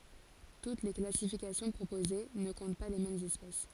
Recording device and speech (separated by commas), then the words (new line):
forehead accelerometer, read sentence
Toutes les classifications proposées ne comptent pas les mêmes espèces.